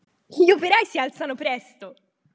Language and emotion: Italian, happy